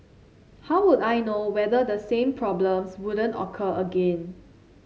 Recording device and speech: mobile phone (Samsung C7), read sentence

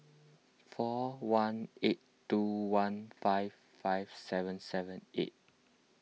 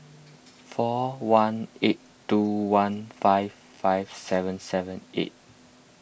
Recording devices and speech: mobile phone (iPhone 6), boundary microphone (BM630), read sentence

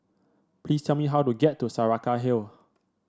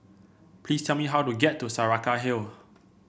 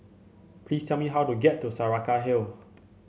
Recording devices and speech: standing microphone (AKG C214), boundary microphone (BM630), mobile phone (Samsung C7), read sentence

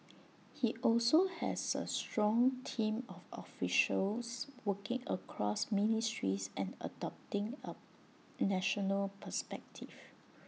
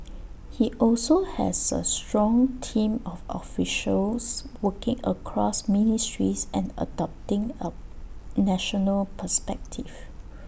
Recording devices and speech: mobile phone (iPhone 6), boundary microphone (BM630), read sentence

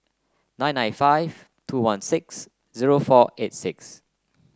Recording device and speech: close-talking microphone (WH30), read sentence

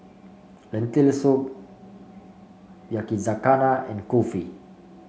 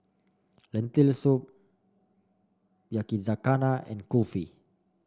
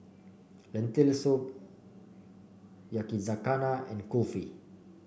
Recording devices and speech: mobile phone (Samsung C5), standing microphone (AKG C214), boundary microphone (BM630), read sentence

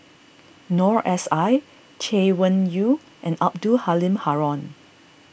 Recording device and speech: boundary microphone (BM630), read sentence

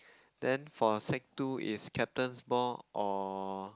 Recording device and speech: close-talking microphone, conversation in the same room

